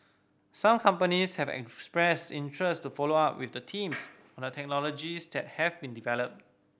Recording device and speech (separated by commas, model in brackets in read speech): boundary microphone (BM630), read sentence